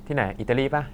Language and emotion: Thai, neutral